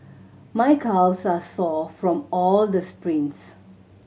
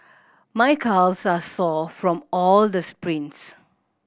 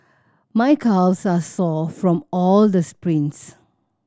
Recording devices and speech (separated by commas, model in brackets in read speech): mobile phone (Samsung C7100), boundary microphone (BM630), standing microphone (AKG C214), read sentence